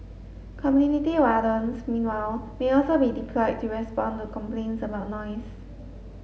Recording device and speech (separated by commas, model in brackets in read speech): mobile phone (Samsung S8), read sentence